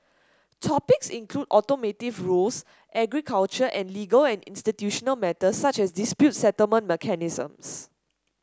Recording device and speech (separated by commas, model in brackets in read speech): standing microphone (AKG C214), read sentence